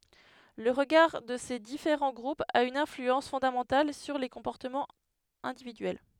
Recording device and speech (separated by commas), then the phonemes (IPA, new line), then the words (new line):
headset microphone, read sentence
lə ʁəɡaʁ də se difeʁɑ̃ ɡʁupz a yn ɛ̃flyɑ̃s fɔ̃damɑ̃tal syʁ le kɔ̃pɔʁtəmɑ̃z ɛ̃dividyɛl
Le regard de ces différents groupes a une influence fondamentale sur les comportements individuels.